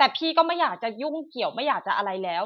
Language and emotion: Thai, frustrated